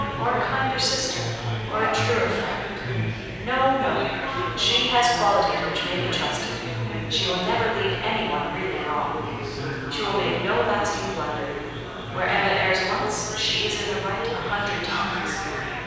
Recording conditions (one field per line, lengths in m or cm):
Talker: one person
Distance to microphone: 7.1 m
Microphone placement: far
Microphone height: 1.7 m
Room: very reverberant, large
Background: babble